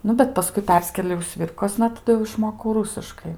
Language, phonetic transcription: Lithuanian, ˈnu bet paˈskui ˈperskėliau ˈsvirkosna taˈdu jau išˈmokau ˈrūsiškai

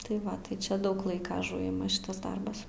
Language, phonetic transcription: Lithuanian, tai ˈva tai ˈčia ˈdaug ˈlaika aˈžuima ˈšitas ˈdarbas

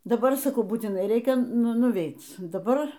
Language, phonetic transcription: Lithuanian, daˈbar saˈkau būtiˈnai ˈreikia nuˈveit daˈbar

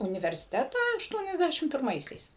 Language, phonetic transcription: Lithuanian, universiˈtetą ašˈtuoniasˌdæšim pirˈmaisiais

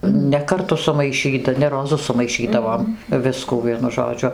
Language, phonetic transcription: Lithuanian, ne karˈtu sumaiˈšyta ne roˈzu sumaiˈšydavom ˈviskų ˈvienu žoˈdžiu

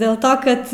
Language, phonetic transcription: Lithuanian, dėl ˈto kad

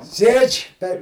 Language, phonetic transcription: Lithuanian, ˈsėdž' per

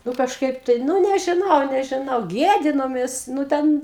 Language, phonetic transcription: Lithuanian, ˈnu kažˈkaip tai ˈnu nežiˈnau nežiˈnau ˈgiedinomės nu ˈten

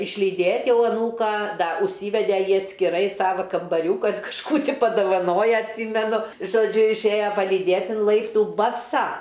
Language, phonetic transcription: Lithuanian, išlyˈdėt' ˈjau aˈnūką da užˈsyvede ˈjį atskiˈrai ˈsava kambaˈriūkan kažˈkų ˈtį padavaˈnoja atˈsymenu žoˈdžiu išˈėja palyˈdėt in ˈlaiptų baˈsa

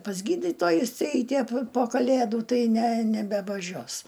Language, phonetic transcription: Lithuanian, pas ˈgydytojus ˈeiti a pi po ˈkalėdu ˈtai ne nebevaˈžios

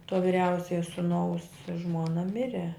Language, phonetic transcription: Lithuanian, to viˈriausiaja suˈnaus ˈžmona ˈmire

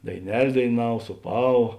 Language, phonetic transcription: Lithuanian, daiˈnel' daiˈnav sūˈpava

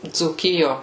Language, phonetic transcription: Lithuanian, dzūˈkijo

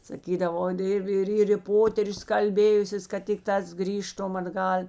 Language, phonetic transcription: Lithuanian, saˈkydavo ˈir ˈir ˈir i ˈpoterius kalˈbėjusės kad ˈtikˌtās ˈgrįžtum atˈgal'

